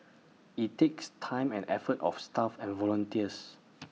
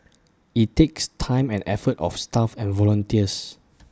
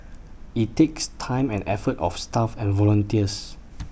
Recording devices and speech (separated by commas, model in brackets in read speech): mobile phone (iPhone 6), standing microphone (AKG C214), boundary microphone (BM630), read sentence